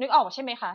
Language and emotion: Thai, frustrated